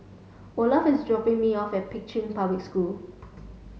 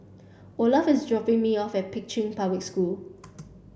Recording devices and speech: mobile phone (Samsung S8), boundary microphone (BM630), read sentence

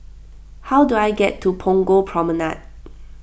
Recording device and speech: boundary microphone (BM630), read sentence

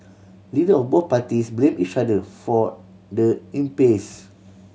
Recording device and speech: mobile phone (Samsung C7100), read sentence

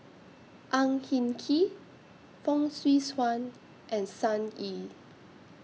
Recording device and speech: mobile phone (iPhone 6), read sentence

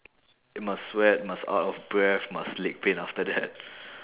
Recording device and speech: telephone, conversation in separate rooms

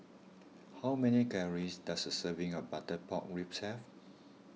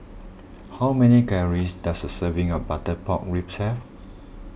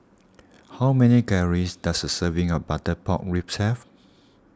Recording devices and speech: mobile phone (iPhone 6), boundary microphone (BM630), standing microphone (AKG C214), read sentence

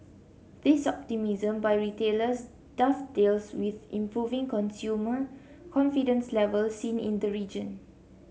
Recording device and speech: mobile phone (Samsung C7), read sentence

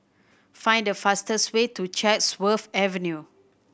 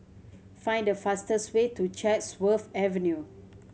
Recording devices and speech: boundary microphone (BM630), mobile phone (Samsung C7100), read sentence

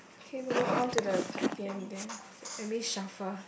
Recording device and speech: boundary microphone, conversation in the same room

